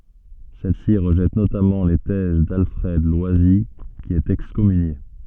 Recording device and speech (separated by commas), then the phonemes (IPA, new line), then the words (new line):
soft in-ear microphone, read sentence
sɛl si ʁəʒɛt notamɑ̃ le tɛz dalfʁɛd lwazi ki ɛt ɛkskɔmynje
Celle-ci rejette notamment les thèses d'Alfred Loisy qui est excommunié.